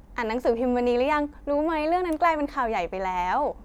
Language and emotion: Thai, happy